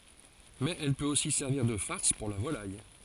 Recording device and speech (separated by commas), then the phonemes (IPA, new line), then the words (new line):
forehead accelerometer, read sentence
mɛz ɛl pøt osi sɛʁviʁ də faʁs puʁ la volaj
Mais elle peut aussi servir de farce pour la volaille.